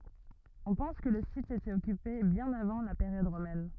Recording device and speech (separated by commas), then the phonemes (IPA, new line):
rigid in-ear microphone, read sentence
ɔ̃ pɑ̃s kə lə sit etɛt ɔkype bjɛ̃n avɑ̃ la peʁjɔd ʁomɛn